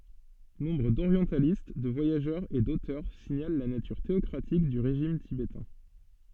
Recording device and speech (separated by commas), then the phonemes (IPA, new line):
soft in-ear microphone, read sentence
nɔ̃bʁ doʁjɑ̃talist də vwajaʒœʁz e dotœʁ siɲal la natyʁ teɔkʁatik dy ʁeʒim tibetɛ̃